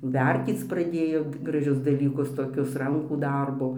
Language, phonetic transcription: Lithuanian, ˈvertyc praˈdėjo graˈžius dalyˈkus toˈkius ˈrankų ˈdarbo

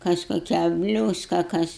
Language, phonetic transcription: Lithuanian, ˈkas koˈkią ˈbliūska ˈkas

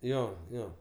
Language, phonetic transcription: Lithuanian, ˈjo ˈjo

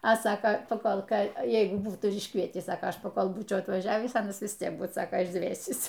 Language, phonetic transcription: Lithuanian, a ˈsaka paˈkol ˈką ˈjeigu ˈbūtų ir išˈkvietįs ˈsako ˈaš paˈkol ˈbūčiau atvaˈžiavįs ˈanas vis ˈtiek ˈbūt ˈsaka išˈdvėsįs

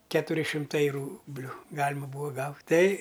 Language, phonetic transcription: Lithuanian, ˈketuri šimˈtai ˈrūbliu ˈgalima ˈbūva ˈgaut' tei

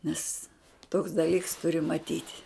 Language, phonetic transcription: Lithuanian, nes toks daˈlyks tuˈri maˈtyt'

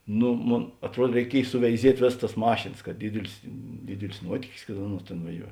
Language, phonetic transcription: Lithuanian, ˈnu ˈmon atˈruod reiˈkiej suveiˈziet' ˈvės tas ˈmašėnas kad ˈdidilis ˈdidilis ˈnuotykis kad ˈaˌnuos ˈtėn vaˈžiuo

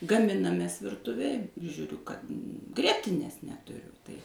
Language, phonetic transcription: Lithuanian, gaˈminamės virˈtuvėj ir ˈžiūriu kad ˈgrietinės netuˈriu tai

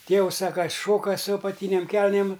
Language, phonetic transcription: Lithuanian, ˈtėvus ˈsak ka ˈšoka su apaˈtynėm ˈkelnėm

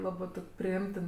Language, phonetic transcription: Lithuanian, ˈlabɜ ˈtok' priˈimtin

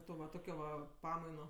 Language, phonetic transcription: Lithuanian, ˈto va ˈtokio va ˈpamaino

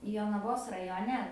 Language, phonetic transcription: Lithuanian, jonaˈvos rajoˈne

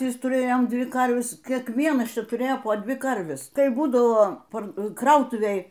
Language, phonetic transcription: Lithuanian, ˈvis tuˈrėjom ˈdvi ˈkarves kiekˈvienas ˈčia tuˈrėjo po ˈdvi ˈkarves ˈkai ˈbūdavo ˈpar ˈkrautuvėj

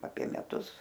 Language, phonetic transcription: Lithuanian, apie meˈtus

